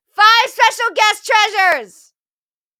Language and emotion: English, neutral